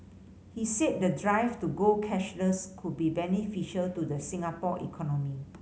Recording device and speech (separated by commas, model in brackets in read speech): mobile phone (Samsung C5010), read sentence